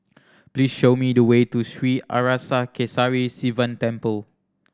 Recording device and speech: standing microphone (AKG C214), read sentence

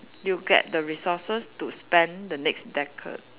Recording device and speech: telephone, conversation in separate rooms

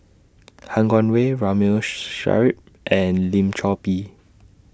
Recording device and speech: standing microphone (AKG C214), read sentence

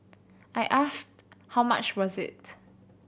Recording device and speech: boundary microphone (BM630), read sentence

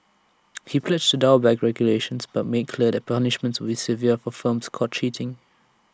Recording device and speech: standing microphone (AKG C214), read sentence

